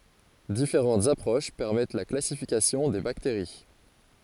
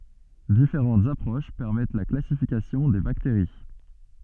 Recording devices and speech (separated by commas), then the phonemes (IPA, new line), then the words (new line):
forehead accelerometer, soft in-ear microphone, read sentence
difeʁɑ̃tz apʁoʃ pɛʁmɛt la klasifikasjɔ̃ de bakteʁi
Différentes approches permettent la classification des bactéries.